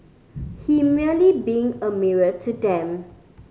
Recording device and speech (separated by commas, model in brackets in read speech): mobile phone (Samsung C5010), read sentence